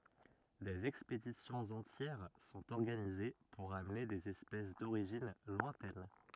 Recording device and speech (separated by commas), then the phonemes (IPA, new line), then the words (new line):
rigid in-ear microphone, read sentence
dez ɛkspedisjɔ̃z ɑ̃tjɛʁ sɔ̃t ɔʁɡanize puʁ amne dez ɛspɛs doʁiʒin lwɛ̃tɛn
Des expéditions entières sont organisées pour amener des espèces d'origine lointaine.